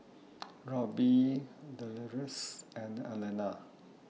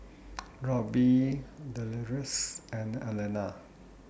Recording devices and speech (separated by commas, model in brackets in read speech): mobile phone (iPhone 6), boundary microphone (BM630), read sentence